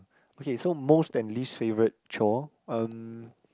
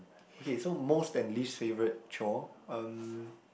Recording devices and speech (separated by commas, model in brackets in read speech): close-talking microphone, boundary microphone, conversation in the same room